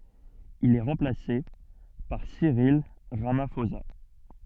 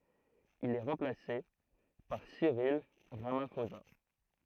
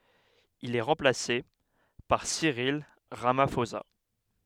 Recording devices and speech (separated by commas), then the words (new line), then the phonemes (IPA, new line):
soft in-ear microphone, throat microphone, headset microphone, read sentence
Il est remplacé par Cyril Ramaphosa.
il ɛ ʁɑ̃plase paʁ siʁil ʁamafoza